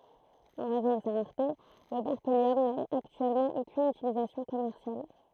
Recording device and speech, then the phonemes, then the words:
throat microphone, read sentence
ɑ̃ ʁɛzɔ̃ də sa ʁaʁte lə bɛʁkeljɔm na aktyɛlmɑ̃ okyn ytilizasjɔ̃ kɔmɛʁsjal
En raison de sa rareté, le berkélium n'a actuellement aucune utilisation commerciale.

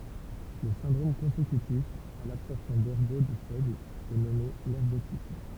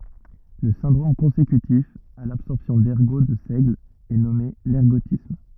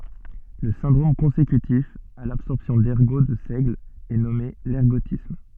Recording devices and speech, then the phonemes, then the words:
temple vibration pickup, rigid in-ear microphone, soft in-ear microphone, read sentence
lə sɛ̃dʁom kɔ̃sekytif a labsɔʁpsjɔ̃ dɛʁɡo də sɛɡl ɛ nɔme lɛʁɡotism
Le syndrome consécutif à l’absorption d'ergot de seigle est nommé l'ergotisme.

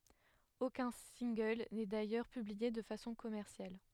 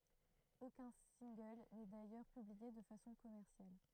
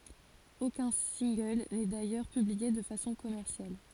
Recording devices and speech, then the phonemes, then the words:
headset microphone, throat microphone, forehead accelerometer, read sentence
okœ̃ sɛ̃ɡl nɛ dajœʁ pyblie də fasɔ̃ kɔmɛʁsjal
Aucun single n'est d'ailleurs publié de façon commerciale.

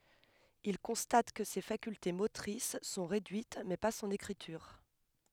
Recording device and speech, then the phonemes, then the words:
headset microphone, read sentence
il kɔ̃stat kə se fakylte motʁis sɔ̃ ʁedyit mɛ pa sɔ̃n ekʁityʁ
Il constate que ses facultés motrices sont réduites, mais pas son écriture.

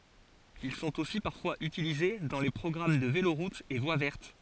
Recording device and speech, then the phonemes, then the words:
forehead accelerometer, read sentence
il sɔ̃t osi paʁfwaz ytilize dɑ̃ le pʁɔɡʁam də veloʁutz e vwa vɛʁt
Ils sont aussi parfois utilisés dans les programmes de véloroutes et voies vertes.

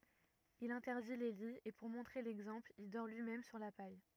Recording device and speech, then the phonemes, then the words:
rigid in-ear microphone, read sentence
il ɛ̃tɛʁdi le liz e puʁ mɔ̃tʁe lɛɡzɑ̃pl il dɔʁ lyimɛm syʁ la paj
Il interdit les lits et pour montrer l’exemple, il dort lui-même sur la paille.

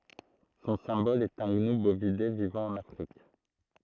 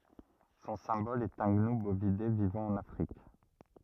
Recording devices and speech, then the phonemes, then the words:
throat microphone, rigid in-ear microphone, read sentence
sɔ̃ sɛ̃bɔl ɛt œ̃ ɡnu bovide vivɑ̃ ɑ̃n afʁik
Son symbole est un gnou, bovidé vivant en Afrique.

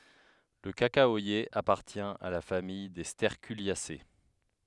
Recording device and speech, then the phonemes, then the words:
headset microphone, read sentence
lə kakawaje apaʁtjɛ̃ a la famij de stɛʁkyljase
Le cacaoyer appartient à la famille des Sterculiacées.

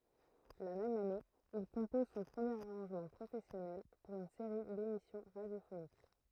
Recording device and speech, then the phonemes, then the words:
throat microphone, read sentence
la mɛm ane il kɔ̃pɔz sɔ̃ pʁəmjeʁ aʁɑ̃ʒmɑ̃ pʁofɛsjɔnɛl puʁ yn seʁi demisjɔ̃ ʁadjofonik
La même année, il compose son premier arrangement professionnel pour une série d'émissions radiophoniques.

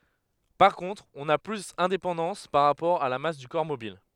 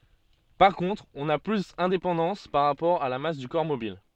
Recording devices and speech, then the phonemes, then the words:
headset microphone, soft in-ear microphone, read sentence
paʁ kɔ̃tʁ ɔ̃ na plyz ɛ̃depɑ̃dɑ̃s paʁ ʁapɔʁ a la mas dy kɔʁ mobil
Par contre, on n'a plus indépendance par rapport à la masse du corps mobile.

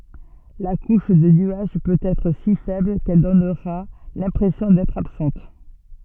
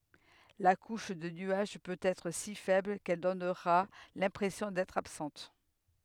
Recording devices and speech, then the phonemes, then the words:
soft in-ear microphone, headset microphone, read sentence
la kuʃ də nyaʒ pøt ɛtʁ si fɛbl kɛl dɔnʁa lɛ̃pʁɛsjɔ̃ dɛtʁ absɑ̃t
La couche de nuages peut être si faible qu'elle donnera l'impression d'être absente.

